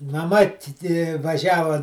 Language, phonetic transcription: Lithuanian, maˈma ˈti ˈti vaˈžiavo

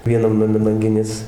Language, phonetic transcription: Lithuanian, vieˈnam naˈme lanˈginės

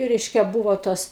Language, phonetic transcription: Lithuanian, ˈreiškia ˈbūvo ˈtos

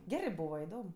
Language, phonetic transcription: Lithuanian, ˈgerɜ ˈbūva iˈdom

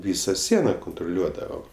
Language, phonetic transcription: Lithuanian, ˈvysa ˈsiena kuntruˈliuodavom

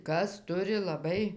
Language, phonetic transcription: Lithuanian, ˈkas ˈturi laˈbai

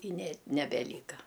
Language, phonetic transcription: Lithuanian, i ne nebeˈlyka

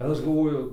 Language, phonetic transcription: Lithuanian, ir ˈaš galˈvoju

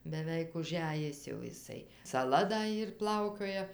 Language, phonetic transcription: Lithuanian, beˈveik uˈžæjis jau iˈsai saˈla da ˈyr ˈplaukioja

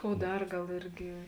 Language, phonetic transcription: Lithuanian, ˈkou ˈdar ˈgal ˈirgi

